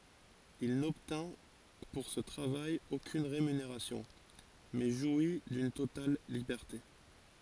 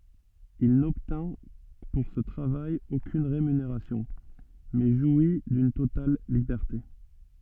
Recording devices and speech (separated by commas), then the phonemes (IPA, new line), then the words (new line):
forehead accelerometer, soft in-ear microphone, read sentence
il nɔbtɛ̃ puʁ sə tʁavaj okyn ʁemyneʁasjɔ̃ mɛ ʒwi dyn total libɛʁte
Il n'obtint pour ce travail aucune rémunération, mais jouit d'une totale liberté.